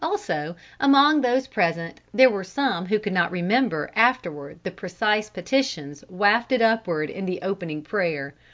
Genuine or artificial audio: genuine